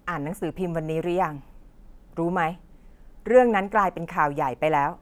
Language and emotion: Thai, neutral